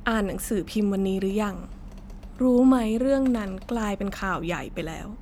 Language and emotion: Thai, neutral